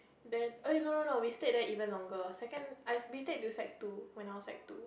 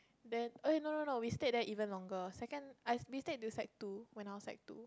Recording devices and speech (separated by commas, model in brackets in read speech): boundary microphone, close-talking microphone, conversation in the same room